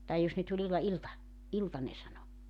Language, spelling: Finnish, tai jos ne tuli illalla ilta ilta ne sanoi
- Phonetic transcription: tai 'jos ne tuĺ 'illa[lla] » "ilta « , » "ilta « ne 'sano .

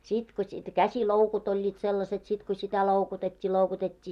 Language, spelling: Finnish, sitten kun sitten käsiloukut olivat sellaiset sitten kun sitä loukutettiin loukutettiin
- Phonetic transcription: 'sit ko sit 'käsiloukut ‿oĺĺiit sellaset , sit ko sitä 'loukutet́t́ii 'loukutet́t́ii .

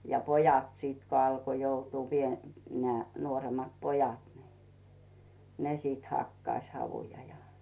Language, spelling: Finnish, ja pojat sitten kun alkoi joutua - nämä nuoremmat pojat niin ne sitten hakkasi havuja ja
- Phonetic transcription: ja "pojat sìt ko 'alko 'joutuu pie- , neä̀ nuorem̀at 'pojat nɪ , "ne sit 'hakkaⁱs 'havuja ja .

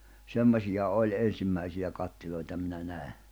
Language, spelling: Finnish, semmoisia oli ensimmäisiä kattiloita minä näin
- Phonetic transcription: 'semmośija 'oĺ 'en̬simmäisiʲä kattil̜oita minä 'nä̀e .

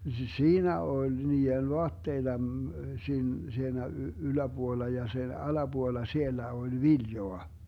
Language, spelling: Finnish, siinä oli niiden vaatteita - siinä yläpuolella ja sen alapuolella siellä oli viljaa
- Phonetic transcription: "siinä oĺ 'nii₍en 'voatteita , 'siin- , 'siinä "yläBuolla ja 'sen "alaBuolla 'siellä oĺ "viljoa .

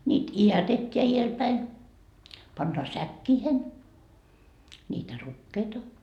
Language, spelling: Finnish, niitä idätetään edelläpäin pannaan säkkeihin niitä rukiita
- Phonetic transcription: ńiit "i₍ätet́t́eä 'ielpäin , pannaa "säkkiihen , ńiitä "rukkeita .

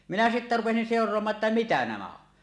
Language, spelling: Finnish, minä sitten rupesin seuraamaan jotta mitä nämä on
- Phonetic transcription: minä sittä rupesin 'sèor̀oamaa ‿tta 'mitä nämä on .

